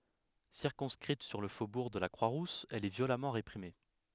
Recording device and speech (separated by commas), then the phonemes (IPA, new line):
headset microphone, read sentence
siʁkɔ̃skʁit syʁ lə fobuʁ də la kʁwa ʁus ɛl ɛ vjolamɑ̃ ʁepʁime